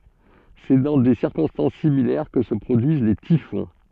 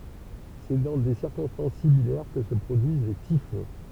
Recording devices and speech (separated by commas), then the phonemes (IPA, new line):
soft in-ear microphone, temple vibration pickup, read sentence
sɛ dɑ̃ de siʁkɔ̃stɑ̃s similɛʁ kə sə pʁodyiz le tifɔ̃